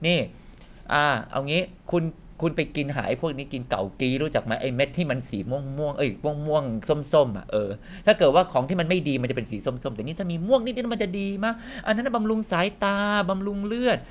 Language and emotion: Thai, happy